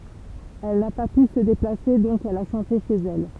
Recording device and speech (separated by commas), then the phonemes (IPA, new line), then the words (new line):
temple vibration pickup, read sentence
ɛl na pa py sə deplase dɔ̃k ɛl a ʃɑ̃te ʃez ɛl
Elle n'a pas pu se déplacer, donc elle a chanté chez elle.